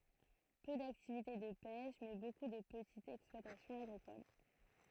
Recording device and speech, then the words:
throat microphone, read sentence
Peu d'activité de pêche, mais beaucoup de petites exploitations agricoles.

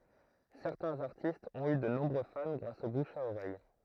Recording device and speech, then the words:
throat microphone, read sentence
Certains artistes ont eu de nombreux fans grâce au bouche à oreille.

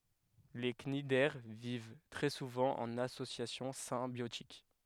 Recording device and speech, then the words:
headset microphone, read sentence
Les cnidaires vivent très souvent en association symbiotique.

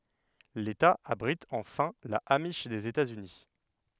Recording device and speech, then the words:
headset microphone, read sentence
L'État abrite enfin la amish des États-Unis.

